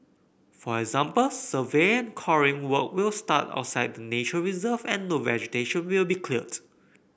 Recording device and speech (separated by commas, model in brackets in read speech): boundary microphone (BM630), read sentence